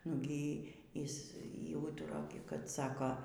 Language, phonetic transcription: Lithuanian, nu ˈgy ˈjis ˈjau ˈūtura kad ˈsako

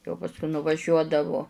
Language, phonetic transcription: Lithuanian, jau pasˈkui nuvaˈžiuodavu

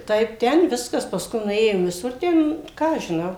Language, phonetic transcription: Lithuanian, ˈtaip ˈten ˈviskas paˈskui nuˈėjom viˈsur ˈten ˈką aš žiˈnau

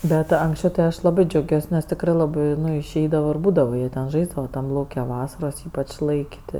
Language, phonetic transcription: Lithuanian, ˈbet anksˈčiau tai ˈaš laˈbɜ džiauˈgiuos nes tikˈrɜ laˈbɜ ˈnu išˈeidava ir ˈbūdava ˈjie ten ˈžaisdava ˈtam ˈlauke ˈvasaros ˈypač' ˈlaik' ti

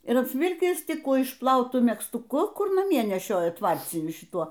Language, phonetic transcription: Lithuanian, ir apsˈvilkis ˈtik ˈkų išpˈlautu megztuˈku ˈkur naˈmie neˈšioja ˈtvarciniu šiˈtuo

